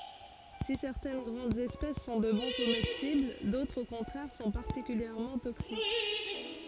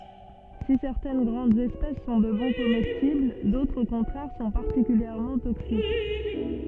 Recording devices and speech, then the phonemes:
forehead accelerometer, soft in-ear microphone, read sentence
si sɛʁtɛn ɡʁɑ̃dz ɛspɛs sɔ̃ də bɔ̃ komɛstibl dotʁz o kɔ̃tʁɛʁ sɔ̃ paʁtikyljɛʁmɑ̃ toksik

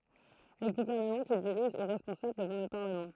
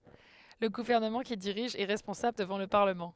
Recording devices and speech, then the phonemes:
throat microphone, headset microphone, read sentence
lə ɡuvɛʁnəmɑ̃ kil diʁiʒ ɛ ʁɛspɔ̃sabl dəvɑ̃ lə paʁləmɑ̃

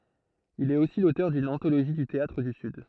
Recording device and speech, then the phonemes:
throat microphone, read sentence
il ɛt osi lotœʁ dyn ɑ̃toloʒi dy teatʁ dy syd

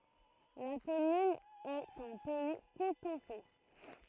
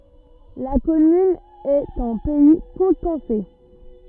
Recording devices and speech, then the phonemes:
throat microphone, rigid in-ear microphone, read sentence
la kɔmyn ɛt ɑ̃ pɛi kutɑ̃sɛ

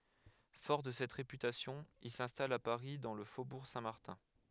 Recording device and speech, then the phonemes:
headset microphone, read sentence
fɔʁ də sɛt ʁepytasjɔ̃ il sɛ̃stal a paʁi dɑ̃ lə fobuʁ sɛ̃tmaʁtɛ̃

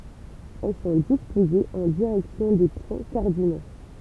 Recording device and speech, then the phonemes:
temple vibration pickup, read sentence
ɛl sɔ̃ dispozez ɑ̃ diʁɛksjɔ̃ de pwɛ̃ kaʁdino

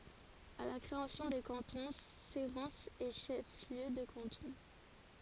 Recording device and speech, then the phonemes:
forehead accelerometer, read sentence
a la kʁeasjɔ̃ de kɑ̃tɔ̃ seʁɑ̃sz ɛ ʃɛf ljø də kɑ̃tɔ̃

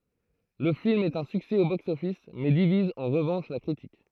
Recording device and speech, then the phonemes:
throat microphone, read sentence
lə film ɛt œ̃ syksɛ o bɔks ɔfis mɛ diviz ɑ̃ ʁəvɑ̃ʃ la kʁitik

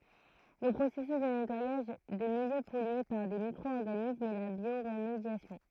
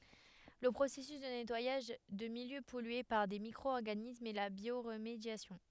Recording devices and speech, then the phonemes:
throat microphone, headset microphone, read sentence
lə pʁosɛsys də nɛtwajaʒ də miljø pɔlye paʁ de mikʁo ɔʁɡanismz ɛ la bjoʁmedjasjɔ̃

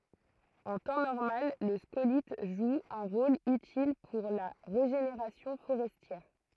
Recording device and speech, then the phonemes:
throat microphone, read sentence
ɑ̃ tɑ̃ nɔʁmal lə skolit ʒu œ̃ ʁol ytil puʁ la ʁeʒeneʁasjɔ̃ foʁɛstjɛʁ

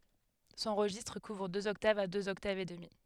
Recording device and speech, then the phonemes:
headset microphone, read sentence
sɔ̃ ʁəʒistʁ kuvʁ døz ɔktavz a døz ɔktavz e dəmi

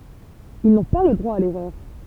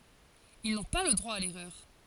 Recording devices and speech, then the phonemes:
temple vibration pickup, forehead accelerometer, read sentence
il nɔ̃ pa lə dʁwa a lɛʁœʁ

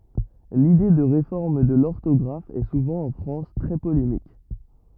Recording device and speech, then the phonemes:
rigid in-ear microphone, read sentence
lide də ʁefɔʁm də lɔʁtɔɡʁaf ɛ suvɑ̃ ɑ̃ fʁɑ̃s tʁɛ polemik

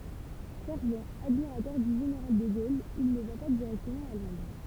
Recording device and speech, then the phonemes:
temple vibration pickup, read sentence
fɛʁvt admiʁatœʁ dy ʒeneʁal də ɡol il nə va pa diʁɛktəmɑ̃ a lɔ̃dʁ

